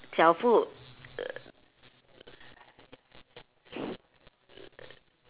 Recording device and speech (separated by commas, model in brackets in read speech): telephone, conversation in separate rooms